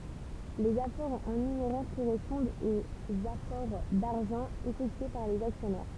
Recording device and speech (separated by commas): temple vibration pickup, read sentence